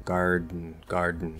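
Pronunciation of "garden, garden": In 'garden', the d is stopped and goes into a nasal plosive, and the vowel after the d is dropped.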